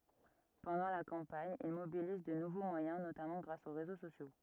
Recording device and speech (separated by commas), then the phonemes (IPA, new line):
rigid in-ear microphone, read sentence
pɑ̃dɑ̃ la kɑ̃paɲ il mobiliz də nuvo mwajɛ̃ notamɑ̃ ɡʁas o ʁezo sosjo